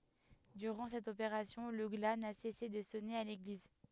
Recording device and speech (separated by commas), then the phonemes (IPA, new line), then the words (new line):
headset microphone, read sentence
dyʁɑ̃ sɛt opeʁasjɔ̃ lə ɡla na sɛse də sɔne a leɡliz
Durant cette opération, le glas n'a cessé de sonner à l'église.